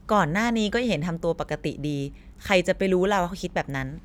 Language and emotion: Thai, neutral